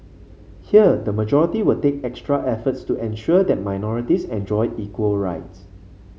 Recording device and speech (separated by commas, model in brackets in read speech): mobile phone (Samsung C5), read sentence